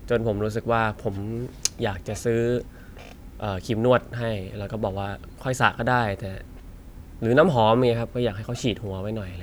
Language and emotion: Thai, frustrated